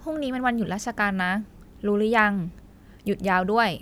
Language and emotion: Thai, neutral